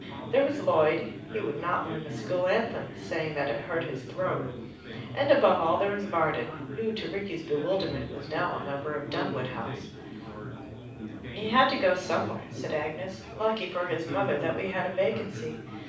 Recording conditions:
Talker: one person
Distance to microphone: 5.8 m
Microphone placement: far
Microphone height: 1.8 m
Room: medium-sized (5.7 m by 4.0 m)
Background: babble

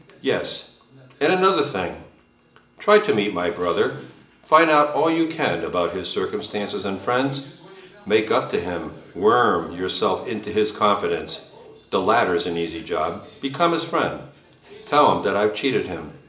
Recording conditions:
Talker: one person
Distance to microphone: 1.8 m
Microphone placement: close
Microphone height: 1.0 m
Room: large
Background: television

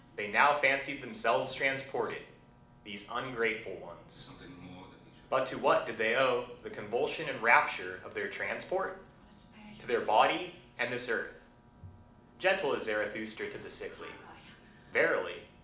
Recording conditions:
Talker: one person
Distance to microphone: 2.0 m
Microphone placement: close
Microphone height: 99 cm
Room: medium-sized (5.7 m by 4.0 m)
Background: television

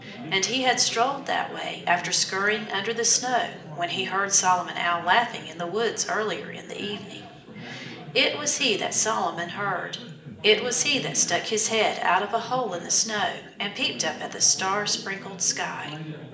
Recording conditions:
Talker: one person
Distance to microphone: 1.8 m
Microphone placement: close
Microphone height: 1.0 m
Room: large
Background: babble

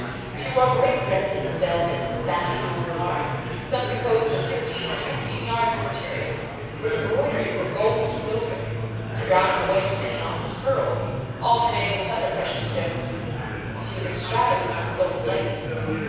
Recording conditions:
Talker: one person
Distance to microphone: 7.1 m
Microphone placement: far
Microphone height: 1.7 m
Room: very reverberant, large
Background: babble

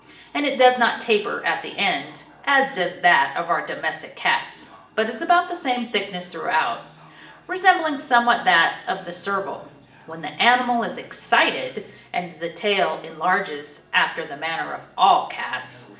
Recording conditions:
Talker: one person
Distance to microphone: 1.8 m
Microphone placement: close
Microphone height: 1.0 m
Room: large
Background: television

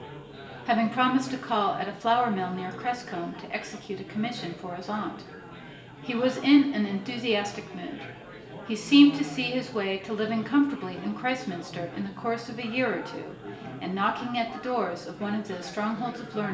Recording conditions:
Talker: one person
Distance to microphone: 1.8 m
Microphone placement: close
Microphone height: 1.0 m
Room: large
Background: babble

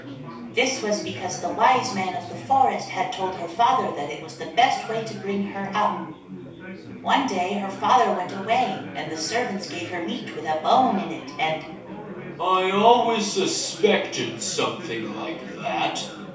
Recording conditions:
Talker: one person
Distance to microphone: 3.0 m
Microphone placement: far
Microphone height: 1.8 m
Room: small (3.7 m by 2.7 m)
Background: babble

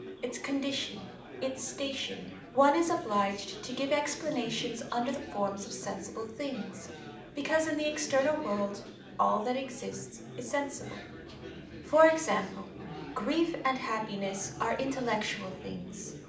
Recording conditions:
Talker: one person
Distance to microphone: 2.0 m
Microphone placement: close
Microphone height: 99 cm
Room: medium-sized (5.7 m by 4.0 m)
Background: babble

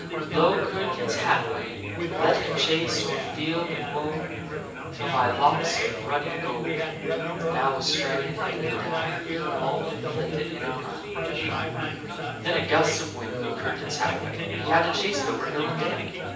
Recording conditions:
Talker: one person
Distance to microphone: 9.8 m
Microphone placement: far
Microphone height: 1.8 m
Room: large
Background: babble

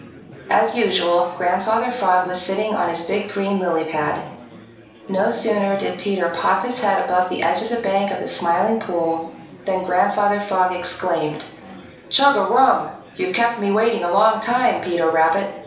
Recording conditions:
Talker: one person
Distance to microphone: 3.0 m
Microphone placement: far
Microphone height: 1.8 m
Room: small (3.7 m by 2.7 m)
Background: babble

